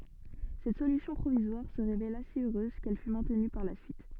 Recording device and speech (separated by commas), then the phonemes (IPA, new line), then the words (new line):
soft in-ear microphone, read sentence
sɛt solysjɔ̃ pʁovizwaʁ sə ʁevela si øʁøz kɛl fy mɛ̃tny paʁ la syit
Cette solution provisoire se révéla si heureuse qu'elle fut maintenue par la suite.